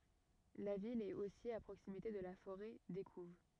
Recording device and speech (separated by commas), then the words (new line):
rigid in-ear microphone, read sentence
La ville est aussi à proximité de la forêt d'Écouves.